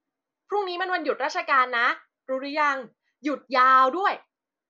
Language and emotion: Thai, happy